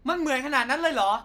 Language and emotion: Thai, angry